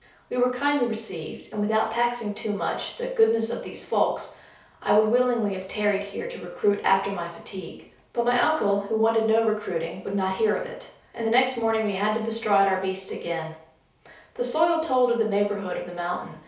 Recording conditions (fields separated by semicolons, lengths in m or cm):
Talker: one person; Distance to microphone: 3.0 m; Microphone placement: far; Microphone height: 1.8 m; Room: small (3.7 m by 2.7 m); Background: none